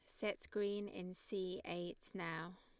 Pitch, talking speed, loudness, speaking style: 185 Hz, 150 wpm, -45 LUFS, Lombard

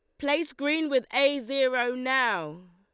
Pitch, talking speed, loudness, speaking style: 260 Hz, 140 wpm, -26 LUFS, Lombard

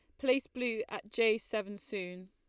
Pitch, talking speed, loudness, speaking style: 215 Hz, 175 wpm, -34 LUFS, Lombard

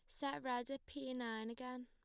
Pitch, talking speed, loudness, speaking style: 250 Hz, 220 wpm, -45 LUFS, plain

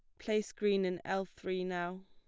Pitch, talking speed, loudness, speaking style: 190 Hz, 195 wpm, -36 LUFS, plain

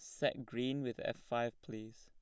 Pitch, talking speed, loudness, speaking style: 120 Hz, 200 wpm, -40 LUFS, plain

